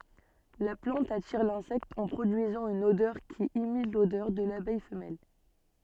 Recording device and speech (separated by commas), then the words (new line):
soft in-ear microphone, read sentence
La plante attire l'insecte en produisant une odeur qui imite l'odeur de l'abeille femelle.